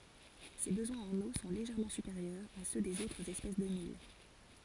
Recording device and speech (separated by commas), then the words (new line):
forehead accelerometer, read sentence
Ses besoins en eau sont légèrement supérieurs à ceux des autres espèces de mil.